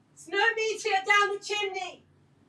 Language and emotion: English, surprised